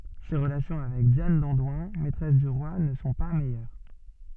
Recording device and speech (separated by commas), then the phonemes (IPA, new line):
soft in-ear microphone, read sentence
se ʁəlasjɔ̃ avɛk djan dɑ̃dwɛ̃ mɛtʁɛs dy ʁwa nə sɔ̃ pa mɛjœʁ